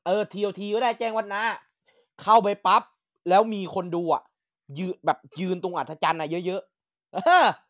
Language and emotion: Thai, happy